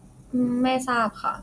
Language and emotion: Thai, neutral